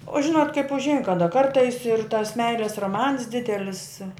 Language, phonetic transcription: Lithuanian, o ˈžinot kaip užˈein kaˈda ˈkartais ir tas ˈmeilės roˈmans ˈdidelis

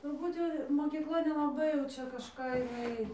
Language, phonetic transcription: Lithuanian, turˈbūt jau mokykˈla nelaˈbai jau ˈčia kažˈką jiˈnai

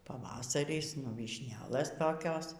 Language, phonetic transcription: Lithuanian, paˈvasaris nu vyšˈnelɘs toˈkios

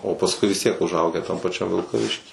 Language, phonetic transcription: Lithuanian, o pasˈkui vis ˈtiek užˈaugę tam paˈčiam vilkaˈvišky

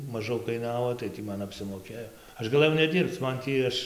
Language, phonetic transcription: Lithuanian, maˈžau kaiˈnavo tai ˈtį ˈman apsimoˈkėjo ˈaš gaˈlɘjau neˈdyrbc ˈman tį ˈaš

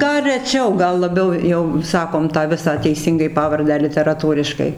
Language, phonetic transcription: Lithuanian, ˈgal reˈčiau ˈgal laˈbiau jau ˈsakom ˈtą ˈvisą teiˈsyngai ˈpavardę literaˈtūriškai

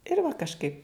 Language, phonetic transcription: Lithuanian, ir va kažˈkaip

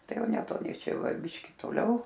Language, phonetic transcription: Lithuanian, ˈtai ˈjau neˈtoniai ˈčia ˈjau ˈva ˈbiški toˈliau

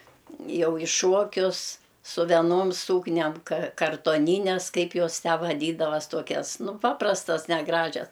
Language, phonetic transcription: Lithuanian, ˈjau i ˈšuokius su veˈnom ˈsūkniam ka kartoˈnynes ˈkaip ˈjos ˈtę vaˈdydavas ˈtokias ˈnu ˈpaprastas neˈgražias

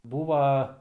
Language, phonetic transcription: Lithuanian, ˈbūva

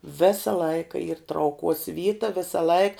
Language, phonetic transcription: Lithuanian, ˈvesa ˈlaika yr trauˈkuos ˈvyta ˈvesa ˈlaik

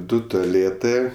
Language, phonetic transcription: Lithuanian, ˈdu toˈlėtɜ

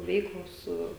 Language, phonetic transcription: Lithuanian, ˈveiklos ˈsu

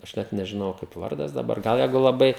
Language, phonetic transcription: Lithuanian, aš ˈnet nežiˈnojau kaip ˈvardas daˈbar ˈgal ˈjeigu laˈbai

